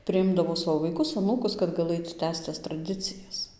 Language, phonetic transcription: Lithuanian, priˈimdavo ˈsavo vaiˈkus aˈnūkus kad gaˈlɘt ˈtęsc tas traˈdicijas

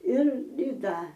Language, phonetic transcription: Lithuanian, ir i ˈda

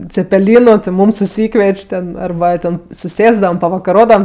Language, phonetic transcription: Lithuanian, cepeˈlynu ti ˈmūm suˈsykvieč' ten arˈba ˈten suˈsėsdavam pavakaˈrodavam

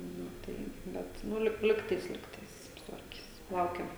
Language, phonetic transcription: Lithuanian, ˈnu ˈtai ˈbet ˈnu lik ˈligtais ˈligtais sutvarˈkis ˈlaukiam

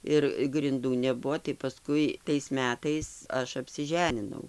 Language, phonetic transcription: Lithuanian, ˈir grinˈdų neˈbuo tai paˈskui tais ˈmetais ˈaš apsiˈženinau

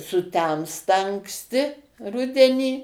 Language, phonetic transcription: Lithuanian, suˈtemsta anksˈti ˈrudenį

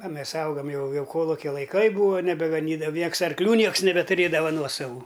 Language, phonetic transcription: Lithuanian, a ˈmes ˈaugam ˈjau ˈjau ˈkolukia laiˈkai ˈbūva nebegaˈnydava ˈnieks arkˈlių ˈnieks nebetuˈrėdava ˈnuosavų

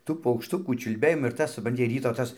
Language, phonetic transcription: Lithuanian, ˈtų paukšˈtukų čiulˈbėjimas ir ˈtas supranˈti ˈryto ˈtas

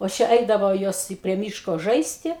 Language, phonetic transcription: Lithuanian, o ˈčia ˈeidavo ˈjos i prie ˈmyško ˈžaisti

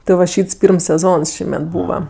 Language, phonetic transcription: Lithuanian, ti va ˈšyts ˈpyrms seˈzons ˈšįmet ˈbūva

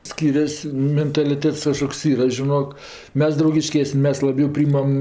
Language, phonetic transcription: Lithuanian, ˈskyrias' mentaliˈtets ˈkažkoks ˈyra žiˈnok ˈmes draugiˈškesni ˈmes ˈlabiau ˈpryjimam

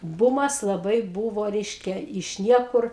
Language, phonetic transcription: Lithuanian, ˈbūmas laˈbai ˈbūvo ˈreiškia iš ˈniekur

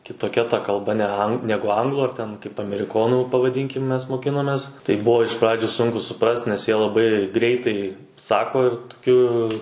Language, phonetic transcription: Lithuanian, kitoˈkia ˈta kalˈba nea ˈnegu ˈanglų ar ˈten kaip ameriˈkonų pavaˈdynkim ˈmes moˈkinomes ˈtai ˈbuo iš ˈpradžiu ˈsunku suˈprast nes jie laˈbai ˈgreitai ˈsako ir tuˈkiu

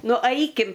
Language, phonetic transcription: Lithuanian, ˈnu ˈaikim

